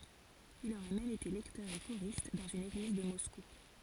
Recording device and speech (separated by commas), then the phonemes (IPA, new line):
forehead accelerometer, read sentence
il oʁɛ mɛm ete lɛktœʁ e koʁist dɑ̃z yn eɡliz də mɔsku